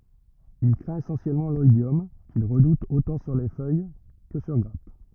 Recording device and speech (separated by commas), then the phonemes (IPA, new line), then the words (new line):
rigid in-ear microphone, read sentence
il kʁɛ̃t esɑ̃sjɛlmɑ̃ lɔidjɔm kil ʁədut otɑ̃ syʁ fœj kə syʁ ɡʁap
Il craint essentiellement l'oïdium qu'il redoute autant sur feuille que sur grappe.